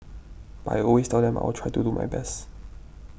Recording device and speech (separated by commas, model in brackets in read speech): boundary microphone (BM630), read sentence